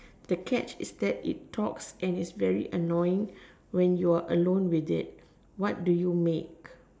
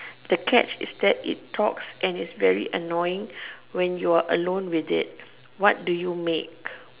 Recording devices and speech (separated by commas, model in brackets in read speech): standing microphone, telephone, conversation in separate rooms